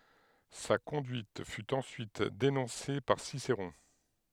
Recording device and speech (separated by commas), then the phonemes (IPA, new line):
headset microphone, read sentence
sa kɔ̃dyit fy ɑ̃syit denɔ̃se paʁ siseʁɔ̃